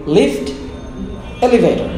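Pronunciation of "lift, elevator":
'Lift' and 'elevator' are said as two separate words with a gap between them, and no 'or' joins them.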